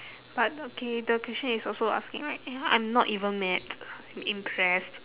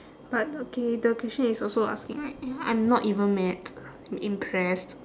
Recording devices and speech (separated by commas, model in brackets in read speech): telephone, standing microphone, conversation in separate rooms